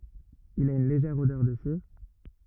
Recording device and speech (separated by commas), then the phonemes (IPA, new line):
rigid in-ear microphone, read sentence
il a yn leʒɛʁ odœʁ də siʁ